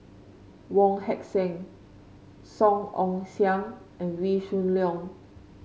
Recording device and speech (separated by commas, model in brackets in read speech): mobile phone (Samsung C5), read sentence